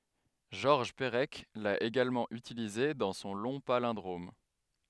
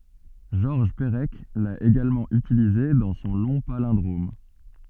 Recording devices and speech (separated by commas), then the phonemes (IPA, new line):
headset microphone, soft in-ear microphone, read sentence
ʒɔʁʒ pəʁɛk la eɡalmɑ̃ ytilize dɑ̃ sɔ̃ lɔ̃ palɛ̃dʁom